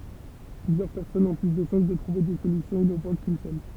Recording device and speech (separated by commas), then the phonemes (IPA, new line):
temple vibration pickup, read sentence
plyzjœʁ pɛʁsɔnz ɔ̃ ply də ʃɑ̃s də tʁuve de solysjɔ̃z inovɑ̃t kyn sœl